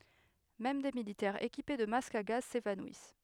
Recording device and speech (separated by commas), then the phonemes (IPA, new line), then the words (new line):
headset microphone, read sentence
mɛm de militɛʁz ekipe də mask a ɡaz sevanwis
Même des militaires équipés de masque à gaz s'évanouissent.